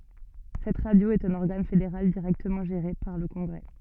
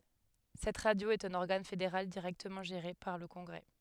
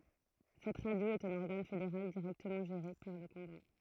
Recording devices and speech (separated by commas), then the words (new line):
soft in-ear microphone, headset microphone, throat microphone, read sentence
Cette radio est un organe fédéral directement géré par le congrès.